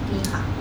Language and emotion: Thai, neutral